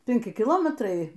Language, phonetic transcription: Lithuanian, penˈki kiˈlometrai

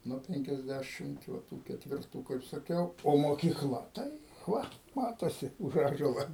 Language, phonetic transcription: Lithuanian, nuo ˌpenkiasˈdæšimt va ˈtų ketvirˈtų kaip saˈkiau o mokyˈkla ˈtai ˈva ˈmatosi už ˈąžuola

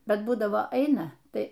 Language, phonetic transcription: Lithuanian, ˈbet ˈbūdavo ˈaina ˈtai

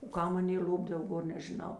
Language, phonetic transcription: Lithuanian, o ˈkam ˈaˌnė ˈl'opdav ˈgor nežiˈnau

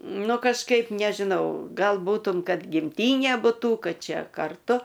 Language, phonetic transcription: Lithuanian, ˈnu kažˈkaip nežiˈnau ˈgal ˈbūtum ˈkad gimˈtynė buˈtų ˈkad ˈčia karˈtu

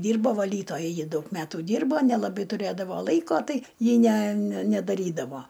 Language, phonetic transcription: Lithuanian, ˈdyrbo vaˈlytoja ˈji ˈdaug ˈmetu ˈdyrbo nelaˈbai tuˈrėdavo ˈlaiko ˈtai ˈji ne ne nedaˈrydavo

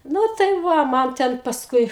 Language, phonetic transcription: Lithuanian, ˈnu tai ˈva ˈman ten pasˈkui

